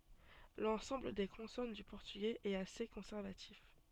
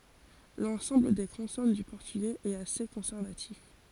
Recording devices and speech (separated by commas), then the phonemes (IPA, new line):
soft in-ear microphone, forehead accelerometer, read sentence
lɑ̃sɑ̃bl de kɔ̃sɔn dy pɔʁtyɡɛz ɛt ase kɔ̃sɛʁvatif